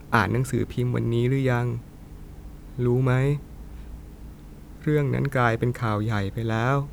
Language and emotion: Thai, sad